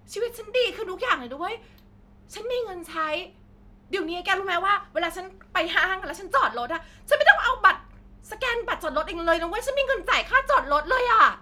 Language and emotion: Thai, happy